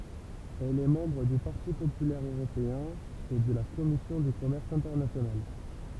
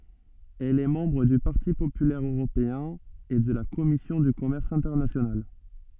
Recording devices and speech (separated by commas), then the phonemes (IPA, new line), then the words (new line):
temple vibration pickup, soft in-ear microphone, read sentence
ɛl ɛ mɑ̃bʁ dy paʁti popylɛʁ øʁopeɛ̃ e də la kɔmisjɔ̃ dy kɔmɛʁs ɛ̃tɛʁnasjonal
Elle est membre du Parti populaire européen et de la Commission du commerce international.